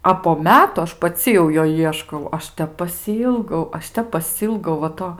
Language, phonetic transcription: Lithuanian, a po ˈmetu ˈaš paˈci jau ˈjo ˈieškau ˈaš ˈtep pasiˈylgau ˈaš ˈtep paˈsylgau va ˈto

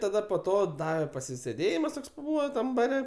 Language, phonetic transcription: Lithuanian, taˈda po ˈto ˈdave pasisėˈdėjimas ˈtoks paˈbūva ˈtam baˈre

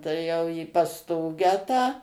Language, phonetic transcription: Lithuanian, tai ˈjau į pasˈtogę tą

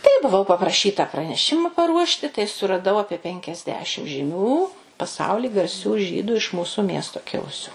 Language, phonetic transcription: Lithuanian, tai buˈvau papraˈšyta praneˈšima paˈruošti tai suraˈdau ˈapie penkiasˈdešim žiˈmių paˈsauli garˈsių ˈžydu iš ˈmūsu ˈmiesto ˈkilusiu

